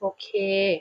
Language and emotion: Thai, neutral